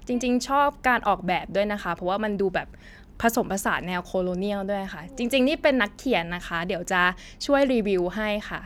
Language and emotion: Thai, neutral